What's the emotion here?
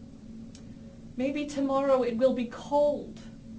sad